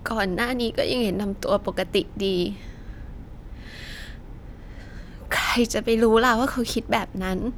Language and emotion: Thai, sad